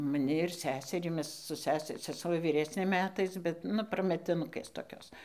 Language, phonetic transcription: Lithuanian, maˈni ir ˈseserį ˈmes su ˈsesi seˈsuo vyˈresnė ˈmetais bet ˈnu prametiˈnukės toˈkios

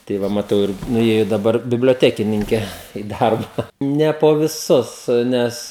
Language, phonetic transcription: Lithuanian, tai ˈva maˈtau ir nuˈėju daˈbar biblioˈtekininke i ˈdarba ˈne po viˈsus ˈnes

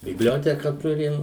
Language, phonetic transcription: Lithuanian, bibˈlioteka ˈturim

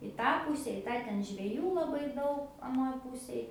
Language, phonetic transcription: Lithuanian, i ˈtą ˈpuse i ˈtą ˈten žveˈjų laˈbai ˈdaug aˈnoj ˈpusėj

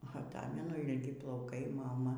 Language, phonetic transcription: Lithuanian, aˈtamenu ilˈgi plauˈkai ˈmama

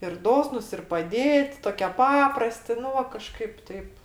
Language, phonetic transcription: Lithuanian, ir ˈdosnus ir paˈdėt' ˈtokie ˈpaprasti ˈnu va kaˈžkaip ˈteip

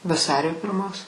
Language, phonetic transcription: Lithuanian, vaˈsario pirˈmos

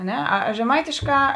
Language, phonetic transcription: Lithuanian, a ˈne a a žeˈmaitišˌkā

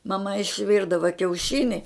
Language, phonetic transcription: Lithuanian, maˈma išˈvirdava kiauˈšini

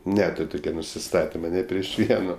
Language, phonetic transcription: Lithuanian, ˈnetur' ˈtuke nusiˈstatima ni prieš ˈvieno

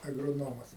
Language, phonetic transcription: Lithuanian, agroˈnomas

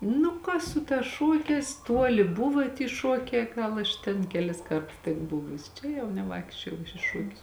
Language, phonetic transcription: Lithuanian, ˈnu ka ˈsu ˌtās ˈšuokēs ˈtuoli ˈbuva ty ˈšuokē ˈgal aš ten keˈlis ˈkarts tik ˈbuvusi ˈčia jau neˈvaikščiojau aš i ˈšuokius

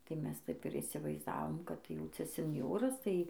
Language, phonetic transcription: Lithuanian, tai ˈmes ˈtaip ir įsivaizˈdavom kad ˈjau ˈcia senˈjoras tai

